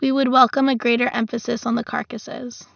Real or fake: real